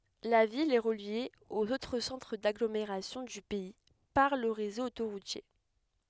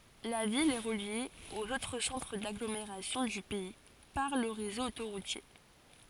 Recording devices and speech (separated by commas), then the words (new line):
headset microphone, forehead accelerometer, read sentence
La ville est reliée aux autres centres d'agglomération du pays par le réseau autoroutier.